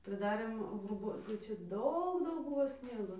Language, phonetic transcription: Lithuanian, pridaˈrėm hruˈbų tai ˈčia ˈdaug ˈdaug ˈbuvo ˈsniego

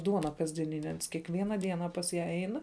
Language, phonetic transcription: Lithuanian, ˈduona kasdieˈnine ˈans kiekˈviena ˈdiena pas ˈją ˈein

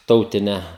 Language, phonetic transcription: Lithuanian, ˈtautine

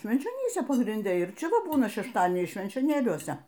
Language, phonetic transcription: Lithuanian, švenčioˈnyse pagrinˈde ir ˈčia ˈva ˈbūna šešˈtadieniais švenčioˈnėliuose

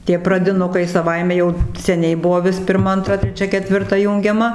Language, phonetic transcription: Lithuanian, tie pradiˈnukai saˈvaime jau seˈniai ˈbuvo ˈvis pirˈma anˈtra treˈčia ketvirˈta ˈjūngiama

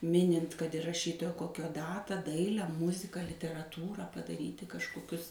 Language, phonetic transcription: Lithuanian, ˈminint kad ir raˈšytojo ˈkokio ˈdatą ˈdaile ˈmuzika literaˈtūrą padaˈryti kažkoˈkius

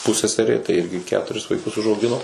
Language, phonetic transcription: Lithuanian, puˈseserė tai ˈirgi ˈketuris vaiˈkus užauˈgino

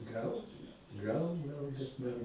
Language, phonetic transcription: Lithuanian, ˈgal ˈgal ˈgal bet ˈman

